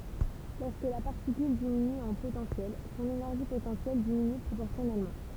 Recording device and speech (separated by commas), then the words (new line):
temple vibration pickup, read sentence
Lorsque la particule diminue en potentiel, son énergie potentielle diminue proportionnellement.